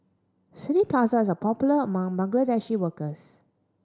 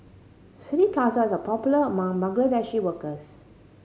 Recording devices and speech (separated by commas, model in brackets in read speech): standing microphone (AKG C214), mobile phone (Samsung C5010), read sentence